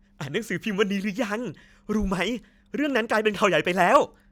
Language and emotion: Thai, happy